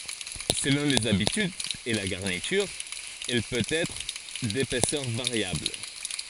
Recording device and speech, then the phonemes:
forehead accelerometer, read sentence
səlɔ̃ lez abitydz e la ɡaʁnityʁ ɛl pøt ɛtʁ depɛsœʁ vaʁjabl

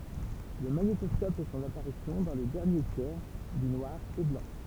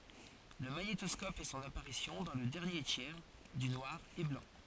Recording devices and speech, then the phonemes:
temple vibration pickup, forehead accelerometer, read sentence
lə maɲetɔskɔp fɛ sɔ̃n apaʁisjɔ̃ dɑ̃ lə dɛʁnje tjɛʁ dy nwaʁ e blɑ̃

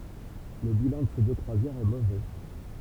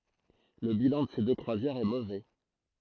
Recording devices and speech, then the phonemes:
temple vibration pickup, throat microphone, read sentence
lə bilɑ̃ də se dø kʁwazjɛʁz ɛ movɛ

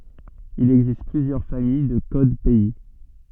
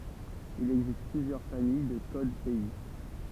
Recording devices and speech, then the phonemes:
soft in-ear microphone, temple vibration pickup, read sentence
il ɛɡzist plyzjœʁ famij də kod pɛi

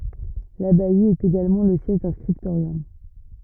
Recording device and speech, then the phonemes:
rigid in-ear microphone, read sentence
labaj etɛt eɡalmɑ̃ lə sjɛʒ dœ̃ skʁiptoʁjɔm

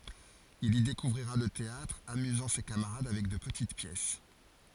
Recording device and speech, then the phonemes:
forehead accelerometer, read sentence
il i dekuvʁiʁa lə teatʁ amyzɑ̃ se kamaʁad avɛk də pətit pjɛs

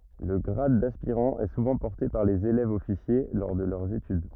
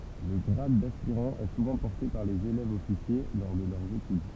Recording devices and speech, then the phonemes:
rigid in-ear microphone, temple vibration pickup, read sentence
lə ɡʁad daspiʁɑ̃ ɛ suvɑ̃ pɔʁte paʁ lez elɛvzɔfisje lɔʁ də lœʁz etyd

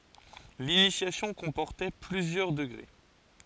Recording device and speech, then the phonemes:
forehead accelerometer, read sentence
linisjasjɔ̃ kɔ̃pɔʁtɛ plyzjœʁ dəɡʁe

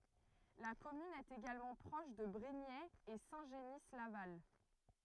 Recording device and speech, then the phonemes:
throat microphone, read sentence
la kɔmyn ɛt eɡalmɑ̃ pʁɔʃ də bʁiɲɛz e sɛ̃ ʒəni laval

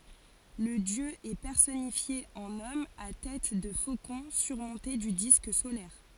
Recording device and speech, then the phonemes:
forehead accelerometer, read sentence
lə djø ɛ pɛʁsɔnifje ɑ̃n ɔm a tɛt də fokɔ̃ syʁmɔ̃te dy disk solɛʁ

